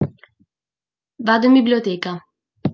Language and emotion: Italian, neutral